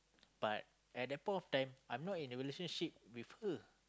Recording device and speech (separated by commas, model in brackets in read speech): close-talking microphone, conversation in the same room